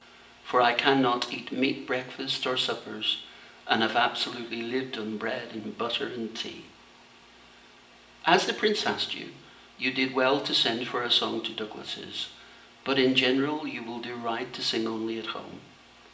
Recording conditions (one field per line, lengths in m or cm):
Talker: one person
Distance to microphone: 1.8 m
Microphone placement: close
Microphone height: 1.0 m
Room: large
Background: none